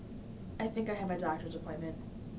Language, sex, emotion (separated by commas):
English, female, neutral